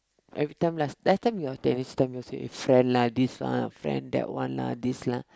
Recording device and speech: close-talking microphone, conversation in the same room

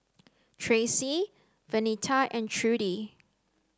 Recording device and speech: close-talking microphone (WH30), read sentence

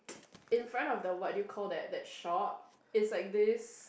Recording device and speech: boundary microphone, conversation in the same room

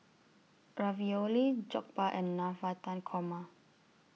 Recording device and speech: mobile phone (iPhone 6), read sentence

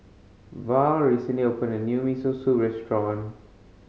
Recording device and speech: mobile phone (Samsung C5010), read sentence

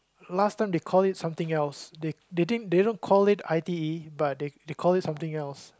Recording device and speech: close-talking microphone, conversation in the same room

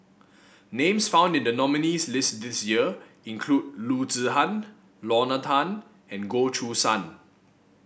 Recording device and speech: boundary microphone (BM630), read sentence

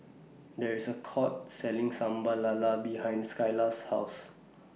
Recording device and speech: mobile phone (iPhone 6), read sentence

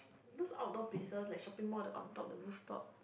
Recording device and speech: boundary microphone, conversation in the same room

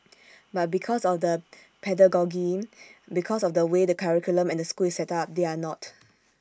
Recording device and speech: standing microphone (AKG C214), read sentence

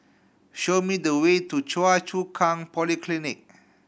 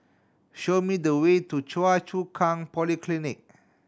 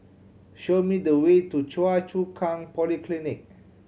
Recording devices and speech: boundary microphone (BM630), standing microphone (AKG C214), mobile phone (Samsung C7100), read sentence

